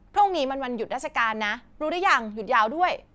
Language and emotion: Thai, angry